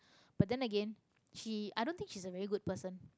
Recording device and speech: close-talking microphone, conversation in the same room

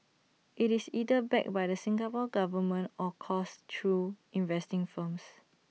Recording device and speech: mobile phone (iPhone 6), read sentence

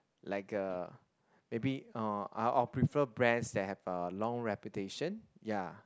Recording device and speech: close-talking microphone, conversation in the same room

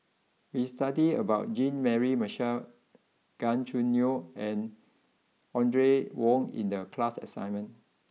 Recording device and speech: mobile phone (iPhone 6), read sentence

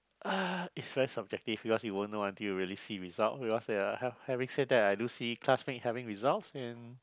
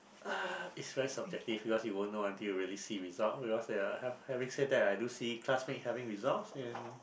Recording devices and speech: close-talking microphone, boundary microphone, conversation in the same room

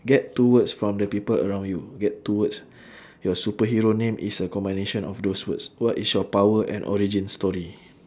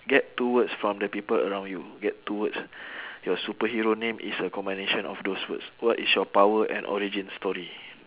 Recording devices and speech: standing microphone, telephone, conversation in separate rooms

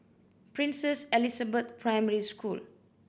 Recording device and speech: boundary microphone (BM630), read sentence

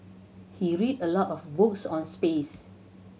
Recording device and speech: mobile phone (Samsung C7100), read sentence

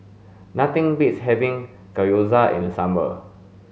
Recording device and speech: mobile phone (Samsung S8), read sentence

